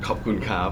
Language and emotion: Thai, happy